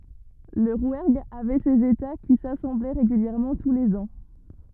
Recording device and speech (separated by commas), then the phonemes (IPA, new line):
rigid in-ear microphone, read sentence
lə ʁwɛʁɡ avɛ sez eta ki sasɑ̃blɛ ʁeɡyljɛʁmɑ̃ tu lez ɑ̃